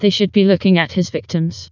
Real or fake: fake